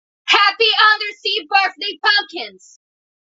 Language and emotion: English, neutral